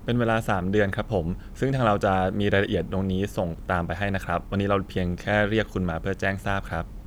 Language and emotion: Thai, neutral